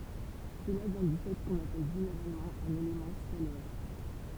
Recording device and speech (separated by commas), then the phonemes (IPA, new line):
temple vibration pickup, read sentence
səla vjɛ̃ dy fɛ kɔ̃n apɛl ʒeneʁalmɑ̃ œ̃n elemɑ̃ skalɛʁ